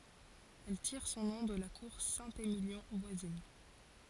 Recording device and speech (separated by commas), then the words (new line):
forehead accelerometer, read sentence
Elle tire son nom de la cour Saint-Émilion voisine.